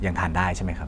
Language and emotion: Thai, neutral